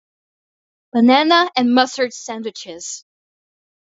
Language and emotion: English, sad